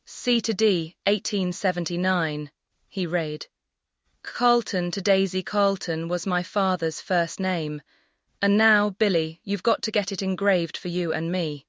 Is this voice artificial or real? artificial